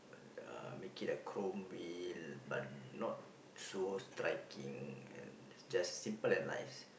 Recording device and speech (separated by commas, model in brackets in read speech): boundary microphone, conversation in the same room